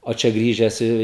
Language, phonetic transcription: Lithuanian, o ˈčia ˈgrįžęs i

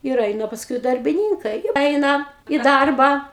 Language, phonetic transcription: Lithuanian, ir ˈeina pasˈkui darbiˈnynkai ˈeina į ˈdarbą

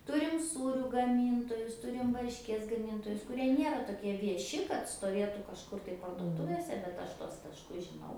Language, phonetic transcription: Lithuanian, ˈturim ˈsūrių gaˈmyntojus ˈturim varšˈkies gaˈmyntojus kuˈrie ˈniera toˈkie vieˈši kad stoˈvietų kažˈkur tai parduoˈtuvėse bet ˈaš tuos tašˈkus žiˈnau

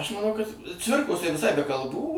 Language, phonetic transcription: Lithuanian, aš maˈnau kad ˈcvirkos tai viˈsai be kalˈbų

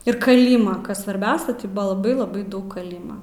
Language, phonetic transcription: Lithuanian, ir kaˈlyma ˈkas svarˈbiausia ti ˈbua laˈbai laˈbai ˈdaug kaˈlyma

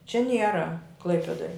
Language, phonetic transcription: Lithuanian, čia ˈniera ˈklaipedoj

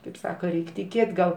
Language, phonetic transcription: Lithuanian, kaip ˈsaka ˈreik' tiˈkėt' gal

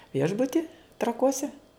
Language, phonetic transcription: Lithuanian, ˈviešbuti traˈkuose

